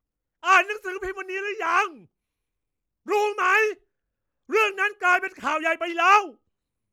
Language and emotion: Thai, angry